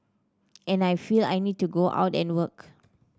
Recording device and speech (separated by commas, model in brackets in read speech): standing microphone (AKG C214), read sentence